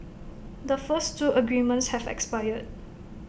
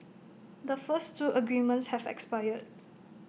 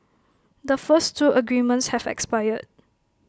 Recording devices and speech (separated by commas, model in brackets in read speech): boundary microphone (BM630), mobile phone (iPhone 6), close-talking microphone (WH20), read sentence